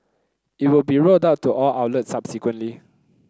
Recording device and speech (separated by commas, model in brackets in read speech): close-talking microphone (WH30), read sentence